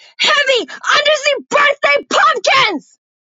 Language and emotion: English, angry